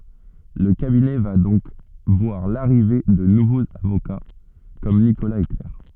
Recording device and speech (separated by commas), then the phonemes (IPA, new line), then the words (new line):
soft in-ear microphone, read sentence
lə kabinɛ va dɔ̃k vwaʁ laʁive də nuvoz avoka kɔm nikolaz e klɛʁ
Le cabinet va donc voir l'arrivée de nouveaux avocats comme Nicolas et Claire.